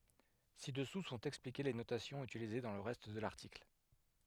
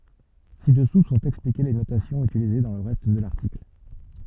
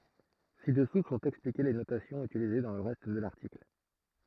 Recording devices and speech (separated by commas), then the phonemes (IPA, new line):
headset microphone, soft in-ear microphone, throat microphone, read sentence
sidɛsu sɔ̃t ɛksplike le notasjɔ̃z ytilize dɑ̃ lə ʁɛst də laʁtikl